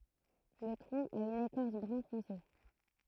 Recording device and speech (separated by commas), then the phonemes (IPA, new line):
throat microphone, read sentence
lə tʁɔ̃ a yn ekɔʁs bʁœ̃fɔ̃se